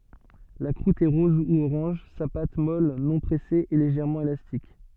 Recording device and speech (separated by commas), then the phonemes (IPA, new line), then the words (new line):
soft in-ear microphone, read sentence
la kʁut ɛ ʁɔz u oʁɑ̃ʒ sa pat mɔl nɔ̃ pʁɛse ɛ leʒɛʁmɑ̃ elastik
La croûte est rose ou orange, sa pâte, molle non pressée, est légèrement élastique.